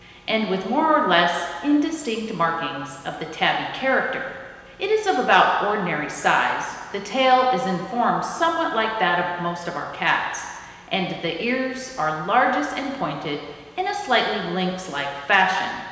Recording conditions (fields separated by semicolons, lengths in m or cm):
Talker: one person; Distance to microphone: 1.7 m; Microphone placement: close; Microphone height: 1.0 m; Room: very reverberant, large; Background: none